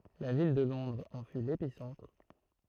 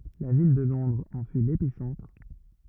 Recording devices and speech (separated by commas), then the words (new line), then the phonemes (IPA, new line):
throat microphone, rigid in-ear microphone, read sentence
La ville de Londres en fut l'épicentre.
la vil də lɔ̃dʁz ɑ̃ fy lepisɑ̃tʁ